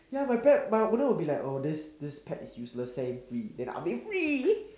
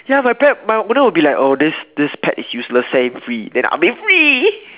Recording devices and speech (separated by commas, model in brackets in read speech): standing microphone, telephone, conversation in separate rooms